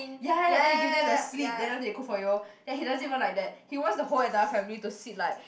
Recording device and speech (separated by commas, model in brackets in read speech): boundary microphone, conversation in the same room